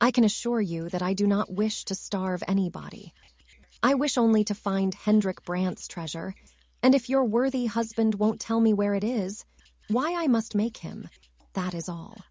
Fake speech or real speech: fake